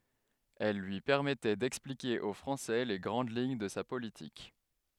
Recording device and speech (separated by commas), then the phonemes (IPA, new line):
headset microphone, read sentence
ɛl lyi pɛʁmɛtɛ dɛksplike o fʁɑ̃sɛ le ɡʁɑ̃d liɲ də sa politik